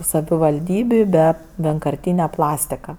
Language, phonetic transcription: Lithuanian, savivalˈdybiu be vienkarˈtyne ˈplastika

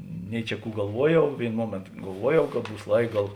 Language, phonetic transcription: Lithuanian, ˈnei čia ˈkų galˈvuoˌjau ˈvėino ˈmuomėnto galˈvuoˌjau kad ˈbūs ˈlaik ˈgal

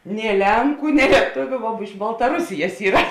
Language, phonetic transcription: Lithuanian, nė ˈlenku nė lieˈtuviu vo iš baltaˈrusijas ˈyra

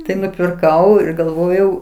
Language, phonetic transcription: Lithuanian, tai nupirˈkau ir galˈvojau

